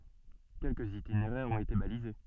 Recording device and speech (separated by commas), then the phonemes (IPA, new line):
soft in-ear microphone, read sentence
kɛlkəz itineʁɛʁz ɔ̃t ete balize